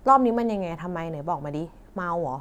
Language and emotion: Thai, frustrated